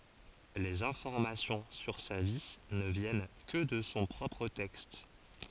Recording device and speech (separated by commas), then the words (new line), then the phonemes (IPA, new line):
forehead accelerometer, read sentence
Les informations sur sa vie ne viennent que de son propre texte.
lez ɛ̃fɔʁmasjɔ̃ syʁ sa vi nə vjɛn kə də sɔ̃ pʁɔpʁ tɛkst